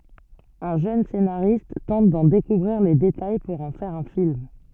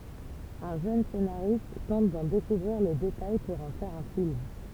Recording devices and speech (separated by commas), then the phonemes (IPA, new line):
soft in-ear microphone, temple vibration pickup, read sentence
œ̃ ʒøn senaʁist tɑ̃t dɑ̃ dekuvʁiʁ le detaj puʁ ɑ̃ fɛʁ œ̃ film